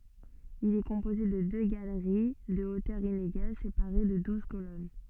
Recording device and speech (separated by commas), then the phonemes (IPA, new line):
soft in-ear microphone, read sentence
il ɛ kɔ̃poze də dø ɡaləʁi də otœʁ ineɡal sepaʁe də duz kolɔn